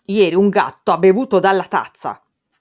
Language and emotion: Italian, angry